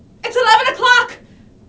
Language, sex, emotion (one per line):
English
female
fearful